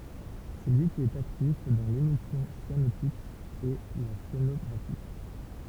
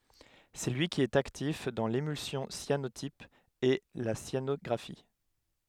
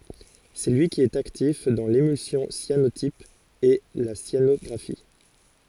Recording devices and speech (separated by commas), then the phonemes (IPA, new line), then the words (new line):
temple vibration pickup, headset microphone, forehead accelerometer, read sentence
sɛ lyi ki ɛt aktif dɑ̃ lemylsjɔ̃ sjanotip e la sjanɔɡʁafi
C'est lui qui est actif dans l'émulsion cyanotype et la cyanographie.